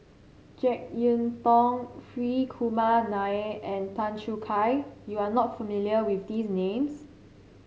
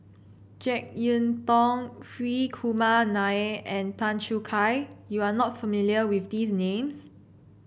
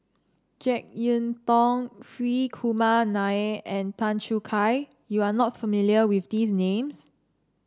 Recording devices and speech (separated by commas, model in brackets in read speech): mobile phone (Samsung C7), boundary microphone (BM630), standing microphone (AKG C214), read sentence